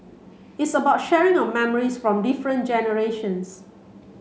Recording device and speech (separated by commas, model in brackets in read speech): mobile phone (Samsung C7), read sentence